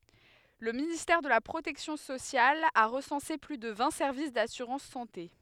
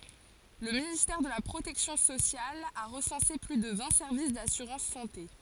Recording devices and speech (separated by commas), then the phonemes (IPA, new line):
headset microphone, forehead accelerometer, read sentence
lə ministɛʁ də la pʁotɛksjɔ̃ sosjal a ʁəsɑ̃se ply də vɛ̃ sɛʁvis dasyʁɑ̃s sɑ̃te